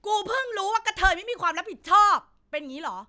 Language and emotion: Thai, angry